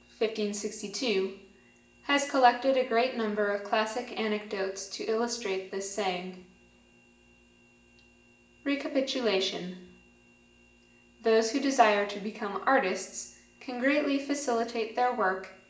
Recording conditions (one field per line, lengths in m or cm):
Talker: one person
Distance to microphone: 1.8 m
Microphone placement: close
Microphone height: 1.0 m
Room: large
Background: none